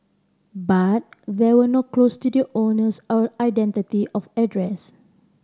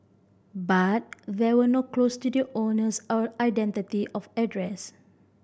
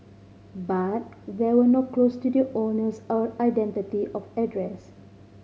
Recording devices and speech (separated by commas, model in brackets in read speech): standing microphone (AKG C214), boundary microphone (BM630), mobile phone (Samsung C5010), read sentence